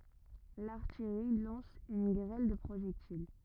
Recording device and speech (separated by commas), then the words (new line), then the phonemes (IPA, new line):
rigid in-ear microphone, read sentence
L’artillerie lance une grêle de projectiles.
laʁtijʁi lɑ̃s yn ɡʁɛl də pʁoʒɛktil